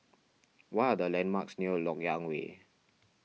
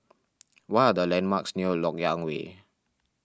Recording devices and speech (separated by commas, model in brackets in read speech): mobile phone (iPhone 6), standing microphone (AKG C214), read sentence